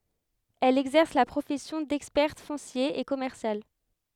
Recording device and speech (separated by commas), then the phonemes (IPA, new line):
headset microphone, read sentence
ɛl ɛɡzɛʁs la pʁofɛsjɔ̃ dɛkspɛʁt fɔ̃sje e kɔmɛʁsjal